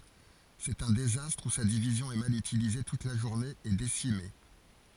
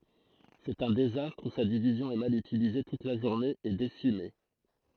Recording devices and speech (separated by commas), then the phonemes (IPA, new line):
forehead accelerometer, throat microphone, read sentence
sɛt œ̃ dezastʁ u sa divizjɔ̃ ɛ mal ytilize tut la ʒuʁne e desime